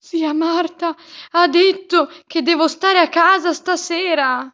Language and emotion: Italian, fearful